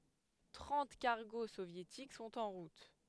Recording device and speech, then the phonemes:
headset microphone, read sentence
tʁɑ̃t kaʁɡo sovjetik sɔ̃t ɑ̃ ʁut

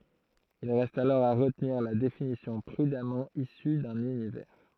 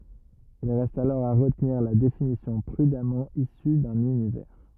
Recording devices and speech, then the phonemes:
throat microphone, rigid in-ear microphone, read sentence
il ʁɛst alɔʁ a ʁətniʁ la definisjɔ̃ pʁydamɑ̃ isy dœ̃n ynivɛʁ

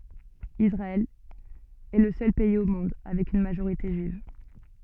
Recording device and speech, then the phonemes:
soft in-ear microphone, read sentence
isʁaɛl ɛ lə sœl pɛiz o mɔ̃d avɛk yn maʒoʁite ʒyiv

